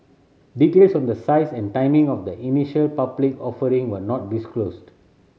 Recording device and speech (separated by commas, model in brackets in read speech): mobile phone (Samsung C7100), read sentence